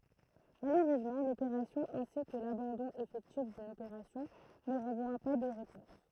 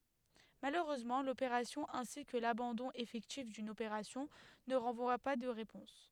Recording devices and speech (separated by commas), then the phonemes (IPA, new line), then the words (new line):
throat microphone, headset microphone, read sentence
maløʁøzmɑ̃ lopeʁasjɔ̃ ɛ̃si kə labɑ̃dɔ̃ efɛktif dyn opeʁasjɔ̃ nə ʁɑ̃vwa pa də ʁepɔ̃s
Malheureusement, l'opération ainsi que l'abandon effectif d'une opération ne renvoient pas de réponse.